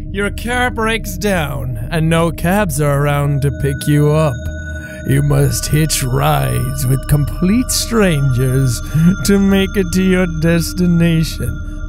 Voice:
eerie voice